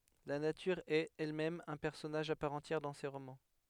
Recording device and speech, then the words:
headset microphone, read sentence
La nature est, elle-même, un personnage à part entière dans ses romans.

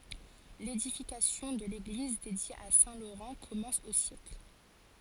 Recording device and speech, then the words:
forehead accelerometer, read sentence
L'édification de l'église dédiée à saint Laurent commence au siècle.

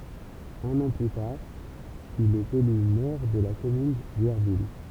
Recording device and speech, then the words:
temple vibration pickup, read sentence
Un an plus tard, il est élu maire de la commune d'Yerville.

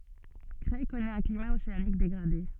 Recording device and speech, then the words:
soft in-ear microphone, read sentence
Creil connaît un climat océanique dégradé.

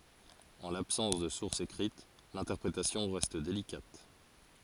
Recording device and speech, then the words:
forehead accelerometer, read sentence
En l'absence de sources écrites, l'interprétation reste délicate.

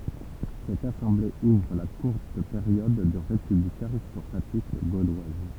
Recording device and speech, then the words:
temple vibration pickup, read sentence
Cette assemblée ouvre la courte période de république aristocratique gauloise.

